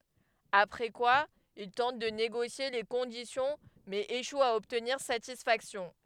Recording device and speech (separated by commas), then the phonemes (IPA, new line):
headset microphone, read sentence
apʁɛ kwa il tɑ̃t də neɡosje le kɔ̃disjɔ̃ mɛz eʃwt a ɔbtniʁ satisfaksjɔ̃